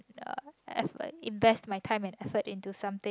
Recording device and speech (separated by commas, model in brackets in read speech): close-talking microphone, conversation in the same room